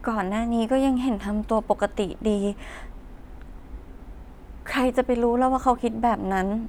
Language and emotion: Thai, sad